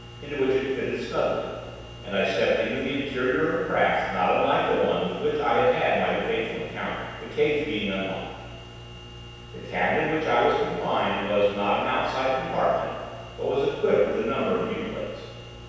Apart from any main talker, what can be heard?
Nothing.